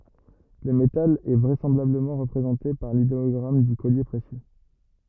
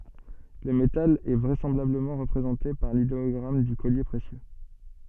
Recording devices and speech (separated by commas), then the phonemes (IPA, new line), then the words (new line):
rigid in-ear microphone, soft in-ear microphone, read sentence
lə metal ɛ vʁɛsɑ̃blabləmɑ̃ ʁəpʁezɑ̃te paʁ lideɔɡʁam dy kɔlje pʁesjø
Le métal est vraisemblablement représenté par l'idéogramme du collier précieux.